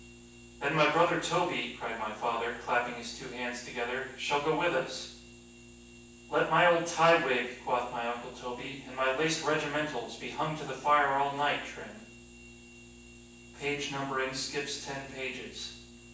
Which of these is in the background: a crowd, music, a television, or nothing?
Nothing.